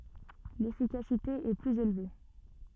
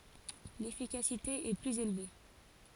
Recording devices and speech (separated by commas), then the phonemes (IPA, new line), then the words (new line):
soft in-ear microphone, forehead accelerometer, read sentence
lefikasite ɛ plyz elve
L'efficacité est plus élevée.